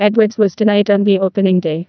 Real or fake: fake